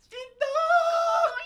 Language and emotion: Thai, happy